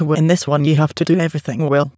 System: TTS, waveform concatenation